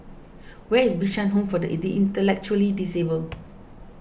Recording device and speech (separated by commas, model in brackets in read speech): boundary microphone (BM630), read sentence